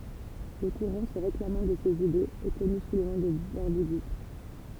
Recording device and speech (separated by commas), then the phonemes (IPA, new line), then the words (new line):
temple vibration pickup, read sentence
lə kuʁɑ̃ sə ʁeklamɑ̃ də sez idez ɛ kɔny su lə nɔ̃ də bɔʁdiɡism
Le courant se réclamant de ses idées est connu sous le nom de bordiguisme.